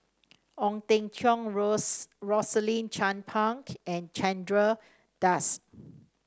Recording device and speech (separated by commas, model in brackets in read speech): standing microphone (AKG C214), read sentence